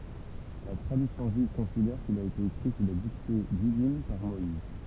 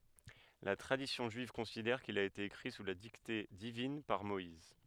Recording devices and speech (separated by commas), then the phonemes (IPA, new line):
temple vibration pickup, headset microphone, read sentence
la tʁadisjɔ̃ ʒyiv kɔ̃sidɛʁ kil a ete ekʁi su la dikte divin paʁ mɔiz